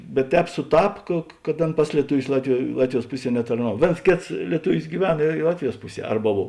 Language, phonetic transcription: Lithuanian, bet ˈtēp suˈtap ka kad ˈan ˈpas lietuˌvius ˈlatviˌjuo ˈlatviˌjuos ˈpuˌsie netarˈnav ˈvėns ˈkėts lieˈtuvis gyˈven i i ˈlatviˌjuos ˈpuˌsie ˈarba ˈbov

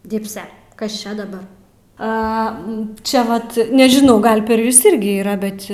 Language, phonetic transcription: Lithuanian, ˈdibse ˈkas ˈčia daˈbar ˈa ˈčia ˈvat nežiˈnau ˈgal per ˈjus ˈirgi yˈra ˈbet

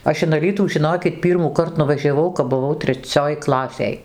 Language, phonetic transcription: Lithuanian, ˈaš in aˈlytų žiˈnokit ˈpyrmąkart nuvaˈžiavau kap buˈvau treˈcioj ˈklasėj

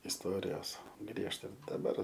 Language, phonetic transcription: Lithuanian, isˈtorijos ˈgriežta daˈbar

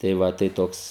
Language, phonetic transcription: Lithuanian, tai ˈva tai ˈtoks

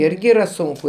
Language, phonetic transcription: Lithuanian, ˈirgi yˈra ˈsunku

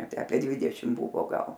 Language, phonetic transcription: Lithuanian, ˈtę ˈapie ˈdvidešim ˈbuvo ˈgal

